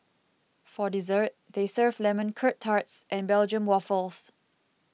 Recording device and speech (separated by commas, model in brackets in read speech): mobile phone (iPhone 6), read sentence